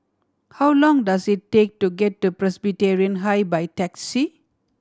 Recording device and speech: standing microphone (AKG C214), read sentence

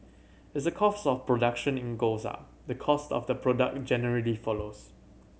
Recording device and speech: mobile phone (Samsung C7100), read sentence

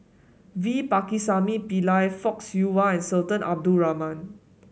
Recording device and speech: mobile phone (Samsung S8), read sentence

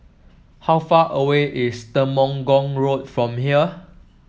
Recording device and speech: mobile phone (iPhone 7), read sentence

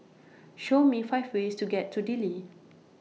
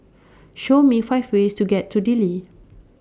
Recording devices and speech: mobile phone (iPhone 6), standing microphone (AKG C214), read sentence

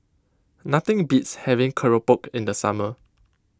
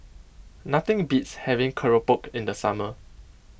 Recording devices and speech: close-talking microphone (WH20), boundary microphone (BM630), read sentence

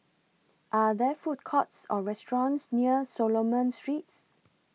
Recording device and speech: mobile phone (iPhone 6), read sentence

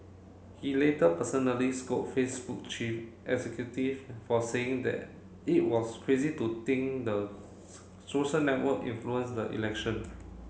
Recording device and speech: mobile phone (Samsung C7), read sentence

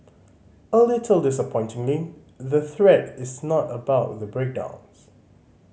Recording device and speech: mobile phone (Samsung C5010), read sentence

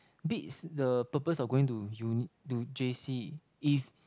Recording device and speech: close-talking microphone, conversation in the same room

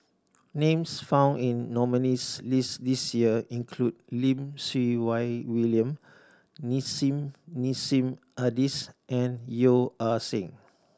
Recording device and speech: standing microphone (AKG C214), read sentence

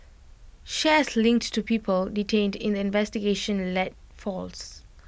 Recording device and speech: boundary microphone (BM630), read sentence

